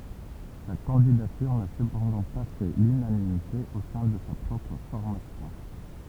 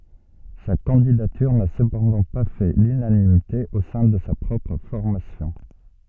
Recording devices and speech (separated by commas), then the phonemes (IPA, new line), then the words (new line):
temple vibration pickup, soft in-ear microphone, read sentence
sa kɑ̃didatyʁ na səpɑ̃dɑ̃ pa fɛ lynanimite o sɛ̃ də sa pʁɔpʁ fɔʁmasjɔ̃
Sa candidature n'a cependant pas fait l'unanimité au sein de sa propre formation.